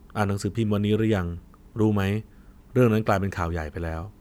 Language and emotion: Thai, neutral